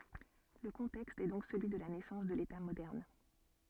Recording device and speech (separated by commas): soft in-ear microphone, read sentence